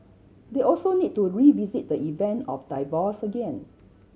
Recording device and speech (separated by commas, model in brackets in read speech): mobile phone (Samsung C7100), read sentence